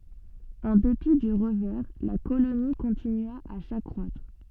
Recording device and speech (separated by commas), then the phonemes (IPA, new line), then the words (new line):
soft in-ear microphone, read sentence
ɑ̃ depi dy ʁəvɛʁ la koloni kɔ̃tinya a sakʁwatʁ
En dépit du revers, la colonie continua à s'accroître.